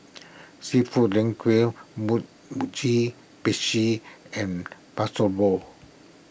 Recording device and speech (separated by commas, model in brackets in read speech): boundary microphone (BM630), read sentence